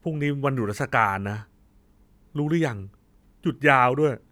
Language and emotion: Thai, frustrated